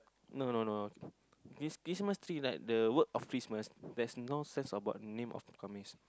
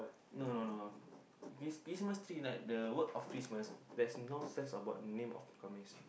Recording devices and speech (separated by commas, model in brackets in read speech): close-talking microphone, boundary microphone, conversation in the same room